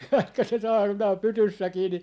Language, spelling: Finnish, vaikka se saarnaa pytyssäkin niin
- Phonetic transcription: vaikka se 'saarnaa "pytyssäkii ni ,.

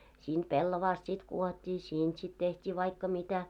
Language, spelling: Finnish, siitä pellavasta sitten kudottiin siitä sitten tehtiin vaikka mitä
- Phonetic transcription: 'siint "pellovaast sit 'kuot́t́ii "siint sit teht́ii 'vaikka mitä .

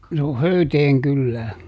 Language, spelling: Finnish, se on Höyteen kylää
- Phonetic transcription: se o "Höyteeŋ ˈkyllää .

